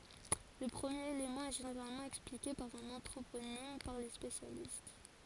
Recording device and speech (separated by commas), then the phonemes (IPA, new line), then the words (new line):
forehead accelerometer, read sentence
lə pʁəmjeʁ elemɑ̃ ɛ ʒeneʁalmɑ̃ ɛksplike paʁ œ̃n ɑ̃tʁoponim paʁ le spesjalist
Le premier élément est généralement expliqué par un anthroponyme par les spécialistes.